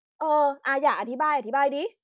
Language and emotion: Thai, frustrated